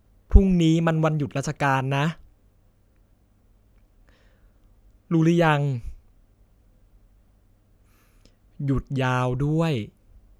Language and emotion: Thai, neutral